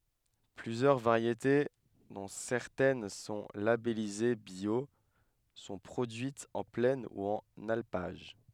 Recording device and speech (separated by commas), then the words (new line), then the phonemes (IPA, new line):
headset microphone, read sentence
Plusieurs variétés, dont certaines sont labellisées bio, sont produites en plaine ou en alpage.
plyzjœʁ vaʁjete dɔ̃ sɛʁtɛn sɔ̃ labɛlize bjo sɔ̃ pʁodyitz ɑ̃ plɛn u ɑ̃n alpaʒ